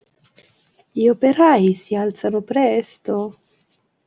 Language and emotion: Italian, sad